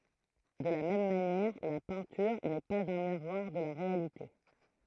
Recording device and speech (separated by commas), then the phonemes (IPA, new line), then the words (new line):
throat microphone, read sentence
də la mɛm manjɛʁ la pɛ̃tyʁ nɛ paz œ̃ miʁwaʁ də la ʁealite
De la même manière, la peinture n’est pas un miroir de la réalité.